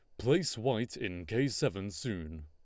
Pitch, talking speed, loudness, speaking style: 110 Hz, 160 wpm, -34 LUFS, Lombard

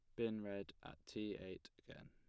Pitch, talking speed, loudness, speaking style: 105 Hz, 190 wpm, -48 LUFS, plain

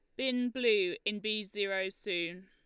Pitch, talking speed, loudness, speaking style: 215 Hz, 160 wpm, -33 LUFS, Lombard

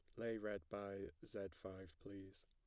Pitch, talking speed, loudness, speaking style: 100 Hz, 160 wpm, -50 LUFS, plain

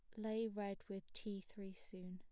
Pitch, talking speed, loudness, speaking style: 200 Hz, 190 wpm, -48 LUFS, plain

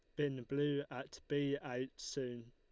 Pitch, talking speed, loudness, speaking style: 135 Hz, 155 wpm, -41 LUFS, Lombard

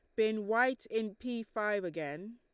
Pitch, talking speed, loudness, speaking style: 220 Hz, 170 wpm, -34 LUFS, Lombard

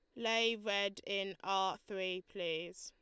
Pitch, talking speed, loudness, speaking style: 195 Hz, 135 wpm, -37 LUFS, Lombard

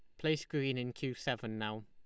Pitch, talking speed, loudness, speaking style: 125 Hz, 220 wpm, -37 LUFS, Lombard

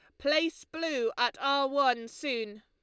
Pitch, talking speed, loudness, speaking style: 275 Hz, 150 wpm, -30 LUFS, Lombard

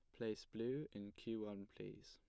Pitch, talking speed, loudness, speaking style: 110 Hz, 190 wpm, -48 LUFS, plain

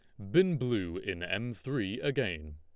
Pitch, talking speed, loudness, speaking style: 120 Hz, 160 wpm, -32 LUFS, Lombard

